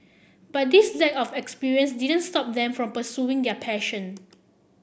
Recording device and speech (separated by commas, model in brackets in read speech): boundary microphone (BM630), read sentence